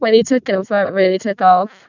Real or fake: fake